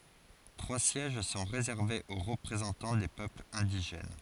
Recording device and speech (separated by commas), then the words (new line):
forehead accelerometer, read sentence
Trois sièges sont réservés aux représentants des peuples indigènes.